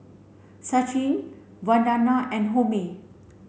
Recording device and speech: mobile phone (Samsung C7), read sentence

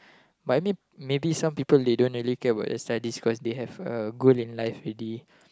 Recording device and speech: close-talking microphone, conversation in the same room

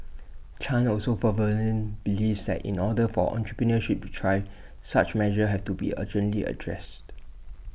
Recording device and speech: boundary microphone (BM630), read sentence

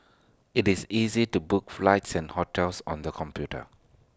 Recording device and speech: standing microphone (AKG C214), read sentence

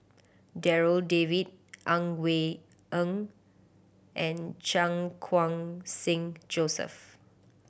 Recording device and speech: boundary microphone (BM630), read sentence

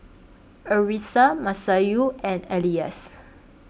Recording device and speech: boundary microphone (BM630), read sentence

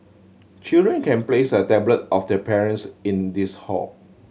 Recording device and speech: mobile phone (Samsung C7100), read sentence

